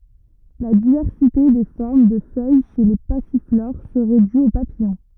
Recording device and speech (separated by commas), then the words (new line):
rigid in-ear microphone, read sentence
La diversité des formes de feuilles chez les passiflores serait due aux papillons.